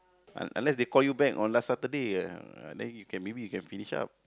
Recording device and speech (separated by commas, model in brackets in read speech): close-talking microphone, conversation in the same room